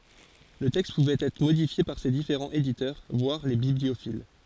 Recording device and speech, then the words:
forehead accelerometer, read sentence
Le texte pouvait être modifié par ses différents éditeurs, voire les bibliophiles.

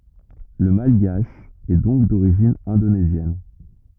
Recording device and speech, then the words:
rigid in-ear microphone, read sentence
Le malgache est donc d'origine indonésienne.

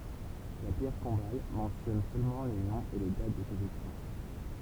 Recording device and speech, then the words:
temple vibration pickup, read sentence
La pierre tombale mentionne seulement les noms et les dates de ses occupants.

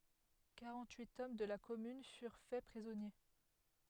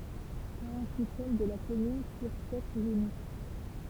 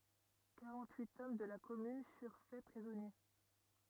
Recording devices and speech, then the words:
headset microphone, temple vibration pickup, rigid in-ear microphone, read sentence
Quarante-huit hommes de la commune furent fait prisonniers.

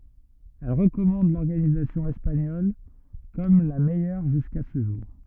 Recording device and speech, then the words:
rigid in-ear microphone, read sentence
Elle recommande l'organisation espagnole comme la meilleure jusqu'à ce jour.

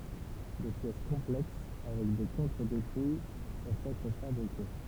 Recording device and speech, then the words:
temple vibration pickup, read sentence
Des pièces complexes avec des contre-dépouilles peuvent être fabriquées.

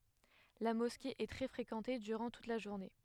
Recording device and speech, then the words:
headset microphone, read sentence
La mosquée est très fréquentée durant toute la journée.

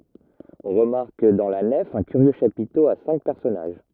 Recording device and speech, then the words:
rigid in-ear microphone, read sentence
On remarque dans la nef un curieux chapiteau à cinq personnages.

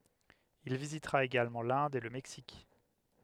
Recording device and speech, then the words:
headset microphone, read sentence
Il visitera également l'Inde et le Mexique.

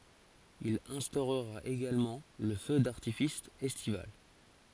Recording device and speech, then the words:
forehead accelerometer, read sentence
Il instaurera également le feu d'artifice estival.

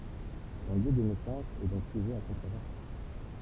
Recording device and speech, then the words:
temple vibration pickup, read sentence
Son lieu de naissance est donc sujet à controverse.

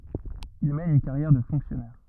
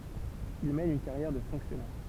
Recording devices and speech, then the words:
rigid in-ear microphone, temple vibration pickup, read sentence
Il mène une carrière de fonctionnaire.

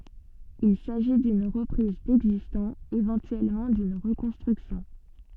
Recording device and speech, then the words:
soft in-ear microphone, read sentence
Il s’agit d’une reprise d’existant, éventuellement d’une reconstruction.

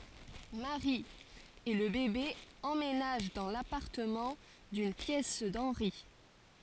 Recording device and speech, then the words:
forehead accelerometer, read sentence
Mary et le bébé emménagent dans l’appartement d’une pièce d’Henry.

